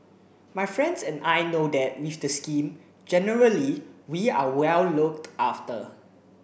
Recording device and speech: boundary microphone (BM630), read sentence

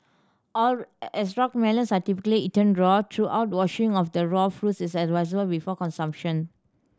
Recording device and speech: standing microphone (AKG C214), read sentence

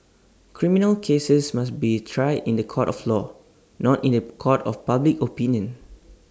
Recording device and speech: standing microphone (AKG C214), read sentence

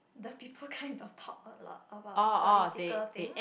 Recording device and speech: boundary microphone, conversation in the same room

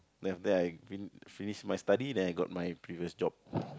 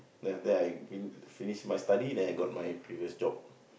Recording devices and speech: close-talking microphone, boundary microphone, conversation in the same room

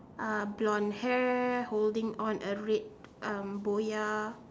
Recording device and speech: standing microphone, conversation in separate rooms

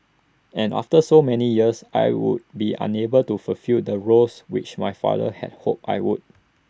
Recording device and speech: standing microphone (AKG C214), read sentence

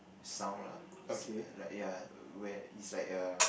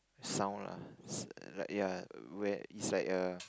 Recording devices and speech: boundary microphone, close-talking microphone, conversation in the same room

